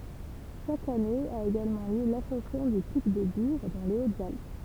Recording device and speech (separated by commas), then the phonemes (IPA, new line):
temple vibration pickup, read sentence
ʃak ane a eɡalmɑ̃ ljø lasɑ̃sjɔ̃ dy pik də byʁ dɑ̃ le otzalp